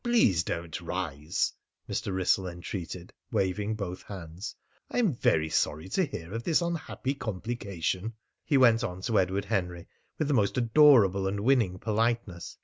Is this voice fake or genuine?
genuine